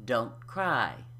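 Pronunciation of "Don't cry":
The t at the end of 'don't' is unaspirated: no air is released on it.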